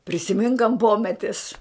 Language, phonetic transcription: Lithuanian, prisiˈmink ant ˈpometis

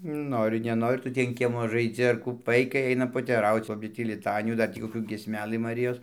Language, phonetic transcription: Lithuanian, ˈnori neˈnori ˈtu tį an ˈkiemo žaiˈdzi ar ˈkų ˈvaikai ˈainam poteˈrauc ˈogi tį liˈtanijų dar ˈtį koˈkių giesˈmeˈlɨ maˈrijos

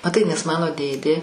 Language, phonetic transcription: Lithuanian, maˈtai nes ˈmano ˈdėdė

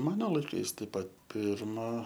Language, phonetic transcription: Lithuanian, ˈmano laiˈkais ˈtaip ˈpat ˈpirma

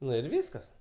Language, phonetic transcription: Lithuanian, ˈnu ir ˈvyskas

